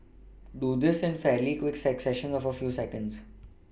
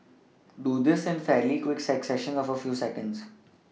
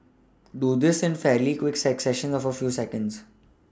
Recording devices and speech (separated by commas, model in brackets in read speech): boundary microphone (BM630), mobile phone (iPhone 6), standing microphone (AKG C214), read sentence